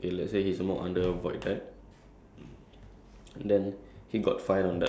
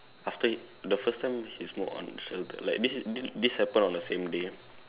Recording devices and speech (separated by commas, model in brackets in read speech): standing microphone, telephone, conversation in separate rooms